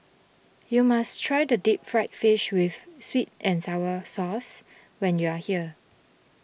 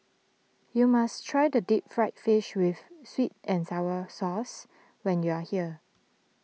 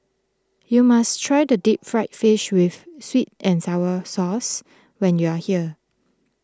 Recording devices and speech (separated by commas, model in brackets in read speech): boundary microphone (BM630), mobile phone (iPhone 6), close-talking microphone (WH20), read sentence